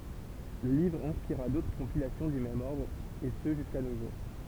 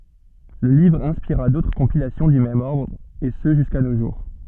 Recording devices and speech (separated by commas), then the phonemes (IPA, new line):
temple vibration pickup, soft in-ear microphone, read sentence
lə livʁ ɛ̃spiʁa dotʁ kɔ̃pilasjɔ̃ dy mɛm ɔʁdʁ e sə ʒyska no ʒuʁ